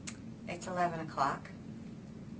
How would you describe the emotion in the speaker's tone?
neutral